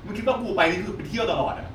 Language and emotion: Thai, angry